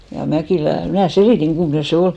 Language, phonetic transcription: Finnish, ja 'Mäkìlä , mnä̀ "selìtiŋ ɢummᵒne se 'ol .
- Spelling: ja Mäkilä minä selitin kummoinen se oli

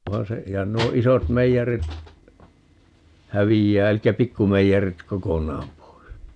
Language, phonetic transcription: Finnish, 'vaa se , ja ǹuo 'isot 'meijerit , 'hävijjää (elikkä) 'pikkumeijerit "kokoǹaam pois .
- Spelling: vaan se ja nuo isot meijerit häviää eli pikkumeijerit kokonaan pois

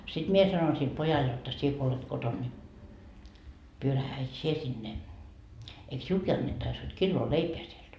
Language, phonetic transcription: Finnish, sit 'mie sanoin sil 'pojal jotta » sie ko olet 'koton ni , 'pyörähä et 'sie sinne , eik 'siulki annettais hod 'killoo "leipeä sielD » .
- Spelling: sitten minä sanoin sille pojalle jotta sinä kun olet kotona niin pyörähdä että sinä sinne eikö sinullekin annettaisi hod kiloa leipää sieltä

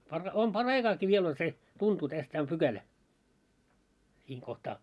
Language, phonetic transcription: Finnish, par- , om 'par"raikaaki viel ‿on se , 'tuntuu täs tää om "ptkälä , siiŋ kohtaa .
- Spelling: - on paraikaakin vielä on se tuntuu tässä tämä on pykälä siinä kohtaa

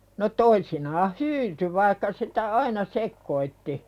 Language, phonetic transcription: Finnish, no 'toisinaah "hyyty vaikka sitä "aina 'sekkoitti .
- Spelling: no toisinaan hyytyi vaikka sitä aina sekoitti

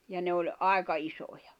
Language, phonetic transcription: Finnish, ja 'ne oĺ , "àeka 'isoᴊᴀ .
- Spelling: ja ne oli aika isoja

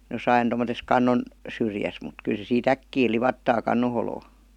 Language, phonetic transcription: Finnish, 'josain tomo-tes "kannon , 'syrjäs mut 'kyl se sii"t ‿äkkii 'livattaa "kanno holoo .
- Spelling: jossakin tuommoisessa kannon syrjässä mutta kyllä se siitä äkkiä livahtaa kannon holoon

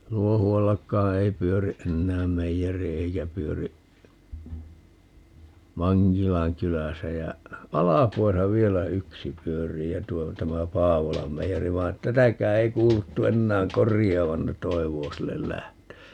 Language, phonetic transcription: Finnish, 'Luohu₍allakkaa "ei 'pyöri "ʼennääm 'meijeri 'eikä pyöri , "Maŋkilaŋ 'kyläsä jä , "Alapuasa 'vielä "yksi 'pyörii ja tuo , 'tämä "Paavolam 'meijeri vai̮ et "tätäkää 'ei 'kuuluttu 'ennääŋ "korij̀aavan - ne "toiv̀oo sillel 'lähtöö .
- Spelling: Luohuallakaan ei pyöri enää meijeri eikä pyöri Mankilan kylässä ja Alpuassa vielä yksi pyörii ja tuo tämä Paavolan meijeri vaan että tätäkään ei kuuluttu enää korjaavan ne toivoo sille lähtöä

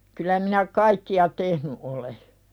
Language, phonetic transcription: Finnish, kylä minä "kaikki₍a 'tehny ’ole .
- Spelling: kyllä minä kaikkia tehnyt olen

